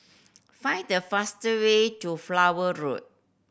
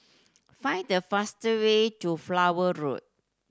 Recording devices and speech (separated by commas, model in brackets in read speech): boundary microphone (BM630), standing microphone (AKG C214), read sentence